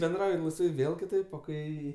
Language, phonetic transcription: Lithuanian, benˈdrauji laisˈvai ˈvėl kiˈtaip o ˈkai

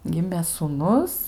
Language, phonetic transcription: Lithuanian, ˈgimė sūˈnus

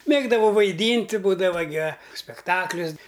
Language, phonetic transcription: Lithuanian, ˈmėgdavau vaiˈdynti ˈbūdava gi a spekˈtaklius

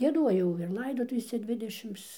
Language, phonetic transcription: Lithuanian, gieˈduojau ir ˈlaidotuvėse ˈdvidešims

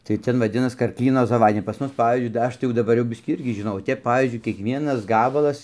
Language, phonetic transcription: Lithuanian, tai ˈten vaˈdinas karˈklyno zaˈvadnia pas ˈmus ˈpavyzdžiui da ˈaš tai daˈbar jau ˈbiskį ˈirgi žiˈnau o ˈtep ˈpavyzdžiui kiekˈvienas ˈgabalas

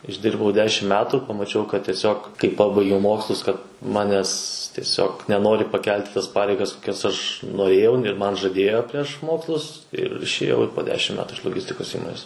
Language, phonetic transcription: Lithuanian, išˈdirbau ˈdešim ˈmetu pamaˈčiau kad tieˈsiog kai ˈpabaigiau ˈmokslus kad ˈmanes tieˈsiog neˈnori paˈkelt' i tas ˈpareigas koˈkias aš noˈrėjau ir ˈman žaˈdėjo prieš ˈmokslus ir išėˈjau po ˈdešim ˈmetu iš loˈgistikos ˈįmonės

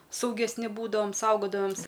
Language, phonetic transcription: Lithuanian, saugesˈni ˈbūdavam ˈsaugodavam's

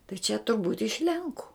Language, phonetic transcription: Lithuanian, tai čia turˈbūt' iš ˈlenku

